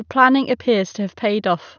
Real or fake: real